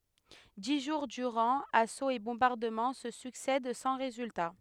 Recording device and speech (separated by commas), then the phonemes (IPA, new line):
headset microphone, read sentence
di ʒuʁ dyʁɑ̃ asoz e bɔ̃baʁdəmɑ̃ sə syksɛd sɑ̃ ʁezylta